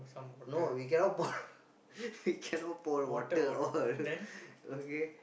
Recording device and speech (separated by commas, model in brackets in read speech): boundary microphone, conversation in the same room